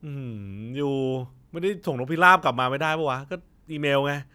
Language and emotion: Thai, frustrated